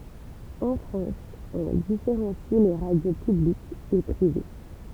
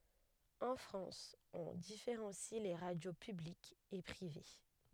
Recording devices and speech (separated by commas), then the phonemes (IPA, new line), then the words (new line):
temple vibration pickup, headset microphone, read sentence
ɑ̃ fʁɑ̃s ɔ̃ difeʁɑ̃si le ʁadjo pyblikz e pʁive
En France, on différencie les radios publiques et privées.